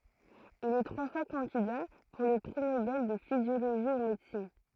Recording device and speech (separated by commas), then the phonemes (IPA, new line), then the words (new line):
throat microphone, read sentence
il ɛ tʁwa fwa kɑ̃dida puʁ lə pʁi nobɛl də fizjoloʒi u medəsin
Il est trois fois candidat pour le prix Nobel de physiologie ou médecine.